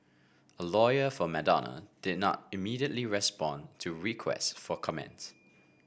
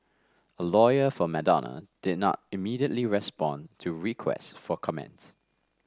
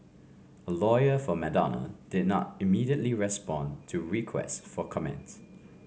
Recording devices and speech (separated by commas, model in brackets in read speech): boundary microphone (BM630), standing microphone (AKG C214), mobile phone (Samsung C5), read sentence